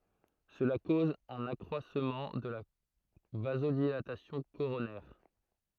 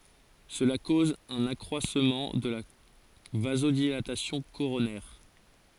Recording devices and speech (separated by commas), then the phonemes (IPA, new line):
throat microphone, forehead accelerometer, read sentence
səla koz œ̃n akʁwasmɑ̃ də la vazodilatasjɔ̃ koʁonɛʁ